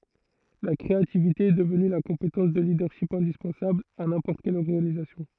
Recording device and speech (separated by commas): throat microphone, read sentence